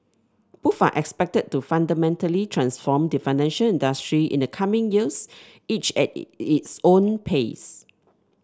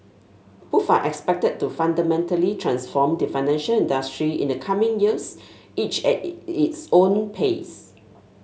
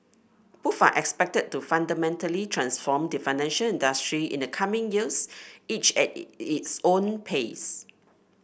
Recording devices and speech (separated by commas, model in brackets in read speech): standing microphone (AKG C214), mobile phone (Samsung S8), boundary microphone (BM630), read sentence